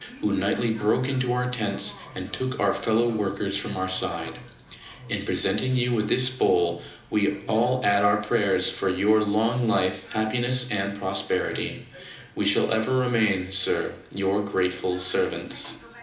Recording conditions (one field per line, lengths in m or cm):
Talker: one person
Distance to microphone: 2.0 m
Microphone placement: close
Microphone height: 99 cm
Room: medium-sized (5.7 m by 4.0 m)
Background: television